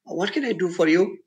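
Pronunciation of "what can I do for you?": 'What can I do for you?' is said with a low fall. The tone is not really serious and not very enthusiastic.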